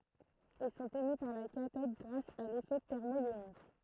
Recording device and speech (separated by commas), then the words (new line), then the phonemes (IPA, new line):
throat microphone, read sentence
Ils sont émis par la cathode grâce à l'effet thermoïonique.
il sɔ̃t emi paʁ la katɔd ɡʁas a lefɛ tɛʁmɔjonik